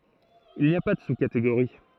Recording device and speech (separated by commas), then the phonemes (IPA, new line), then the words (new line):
throat microphone, read sentence
il ni a pa də suskateɡoʁi
Il n’y a pas de sous-catégorie.